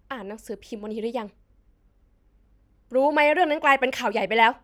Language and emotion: Thai, angry